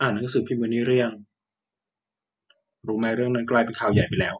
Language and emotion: Thai, neutral